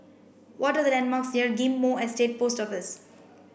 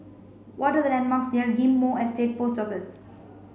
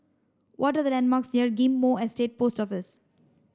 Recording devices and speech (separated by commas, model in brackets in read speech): boundary microphone (BM630), mobile phone (Samsung C5), standing microphone (AKG C214), read sentence